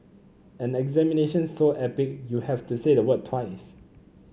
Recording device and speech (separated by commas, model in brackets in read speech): mobile phone (Samsung C9), read sentence